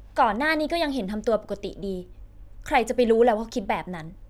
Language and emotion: Thai, frustrated